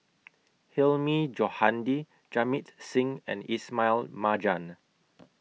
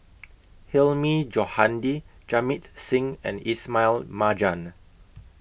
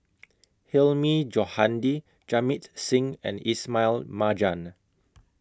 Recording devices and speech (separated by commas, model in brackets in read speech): mobile phone (iPhone 6), boundary microphone (BM630), close-talking microphone (WH20), read sentence